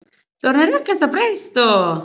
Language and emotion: Italian, happy